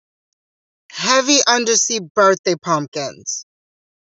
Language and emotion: English, angry